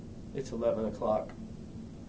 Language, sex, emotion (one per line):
English
male
neutral